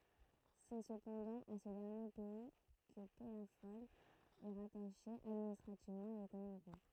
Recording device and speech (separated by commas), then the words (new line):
throat microphone, read sentence
C'est cependant à ce dernier pays que Pellafol est rattaché administrativement et économiquement.